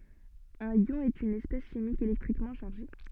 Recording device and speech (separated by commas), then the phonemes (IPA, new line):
soft in-ear microphone, read sentence
œ̃n jɔ̃ ɛt yn ɛspɛs ʃimik elɛktʁikmɑ̃ ʃaʁʒe